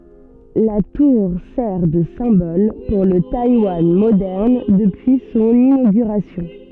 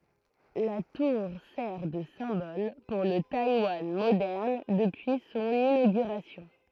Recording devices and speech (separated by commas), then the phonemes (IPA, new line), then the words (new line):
soft in-ear microphone, throat microphone, read sentence
la tuʁ sɛʁ də sɛ̃bɔl puʁ lə tajwan modɛʁn dəpyi sɔ̃n inoɡyʁasjɔ̃
La tour sert de symbole pour le Taïwan moderne depuis son inauguration.